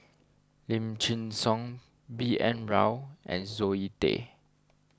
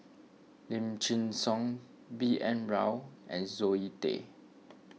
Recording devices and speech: standing microphone (AKG C214), mobile phone (iPhone 6), read sentence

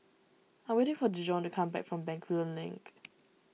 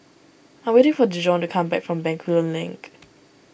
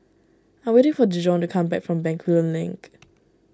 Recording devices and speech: mobile phone (iPhone 6), boundary microphone (BM630), standing microphone (AKG C214), read sentence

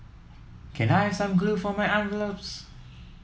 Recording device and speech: mobile phone (iPhone 7), read sentence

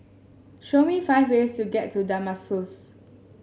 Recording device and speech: mobile phone (Samsung S8), read sentence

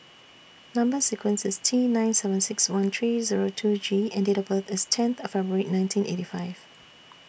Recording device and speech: boundary microphone (BM630), read sentence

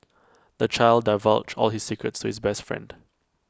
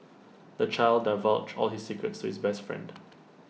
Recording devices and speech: close-talking microphone (WH20), mobile phone (iPhone 6), read sentence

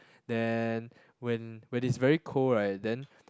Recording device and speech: close-talking microphone, conversation in the same room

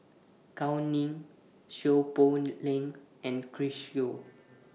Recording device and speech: mobile phone (iPhone 6), read sentence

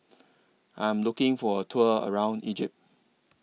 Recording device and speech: mobile phone (iPhone 6), read sentence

